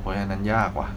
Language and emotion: Thai, frustrated